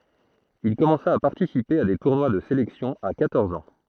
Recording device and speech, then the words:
throat microphone, read sentence
Il commença à participer à des tournois de sélection à quatorze ans.

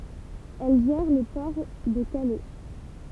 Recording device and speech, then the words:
temple vibration pickup, read sentence
Elle gère le port de Calais.

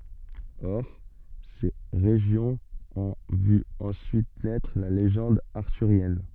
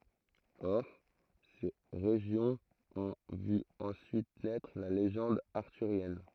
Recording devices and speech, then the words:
soft in-ear microphone, throat microphone, read sentence
Or, ces régions ont vu ensuite naître la légende arthurienne.

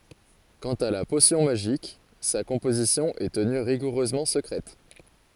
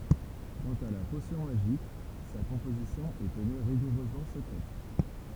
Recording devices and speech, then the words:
forehead accelerometer, temple vibration pickup, read sentence
Quant à la potion magique, sa composition est tenue rigoureusement secrète.

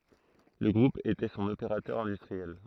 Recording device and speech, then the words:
throat microphone, read sentence
Le groupe était son opérateur industriel.

